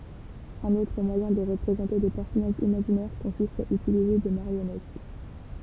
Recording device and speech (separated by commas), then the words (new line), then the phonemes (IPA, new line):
temple vibration pickup, read sentence
Un autre moyen de représenter des personnages imaginaires consiste à utiliser des marionnettes.
œ̃n otʁ mwajɛ̃ də ʁəpʁezɑ̃te de pɛʁsɔnaʒz imaʒinɛʁ kɔ̃sist a ytilize de maʁjɔnɛt